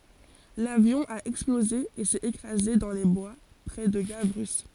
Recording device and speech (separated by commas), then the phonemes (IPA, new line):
forehead accelerometer, read sentence
lavjɔ̃ a ɛksploze e sɛt ekʁaze dɑ̃ le bwa pʁɛ də ɡavʁy